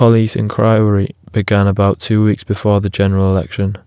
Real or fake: real